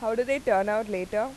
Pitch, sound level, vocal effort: 220 Hz, 91 dB SPL, loud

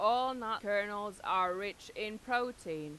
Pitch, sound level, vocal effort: 205 Hz, 95 dB SPL, loud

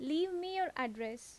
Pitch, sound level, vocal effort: 295 Hz, 84 dB SPL, normal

